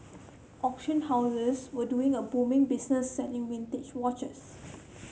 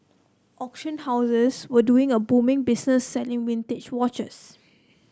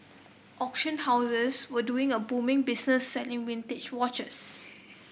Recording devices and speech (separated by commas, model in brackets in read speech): mobile phone (Samsung C7), close-talking microphone (WH30), boundary microphone (BM630), read sentence